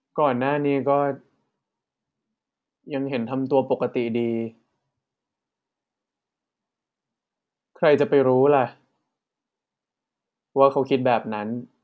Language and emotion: Thai, frustrated